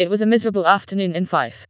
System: TTS, vocoder